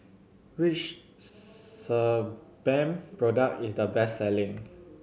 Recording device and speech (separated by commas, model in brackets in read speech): mobile phone (Samsung C7100), read sentence